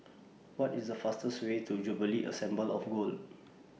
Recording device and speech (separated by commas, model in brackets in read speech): mobile phone (iPhone 6), read sentence